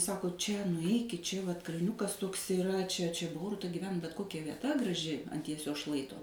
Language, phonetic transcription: Lithuanian, ˈsako ˈčia nuˈeikit ˈčia vat kalˈniukas ˈtuoks iˈra čia čia ˈboruta giˈven bet ˈkokia vieˈta graˈži ant jieˈsios ˈšlaito

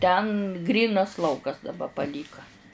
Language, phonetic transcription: Lithuanian, ten ˈgrynas ˈlaukas daˈba paˈlyka

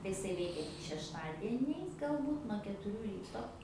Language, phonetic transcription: Lithuanian, tai iˈsai ˈveikia tik šešˈtadieniais galˈbūt nuo ketuˈrių ˈryto

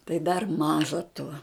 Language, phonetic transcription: Lithuanian, tai dar ˈmaža tuo

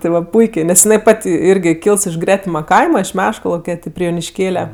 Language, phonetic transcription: Lithuanian, ti ˈva ˈpuikė nes jiˈnai ˈpat' ˈirgi ˈkyls iš ˈgretima ˈkaima iš ˈmeškalauke ˈti pri jonišˈkėle

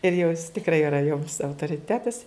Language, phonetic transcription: Lithuanian, ir jau jis tikˈrai iˈra joms autoriˈtetas

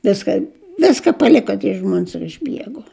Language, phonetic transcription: Lithuanian, ˈviskan' ˈviska paˈliko tie ˈžmuons ir išˈbieguo

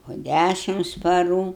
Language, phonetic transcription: Lithuanian, po ˈdæšims paˈrų

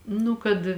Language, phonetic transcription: Lithuanian, ˈnu kad

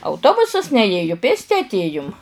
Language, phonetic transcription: Lithuanian, auˈtobusas neˈėju ˈpėsti atˈėjum

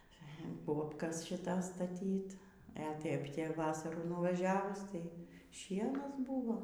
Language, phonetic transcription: Lithuanian, ˈbobkas šiˈtas staˈtyt e ˈtėp te ˈvasarų nuvaˈžiavus ˈtai ˈšienas ˈbūvo

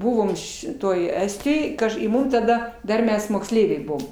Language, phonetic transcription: Lithuanian, ˈbuvom šiˈtoj ˈestijoj ˈkaž i ˈmum taˈda ˈdar ˈmes moksˈleiviai ˈbuom

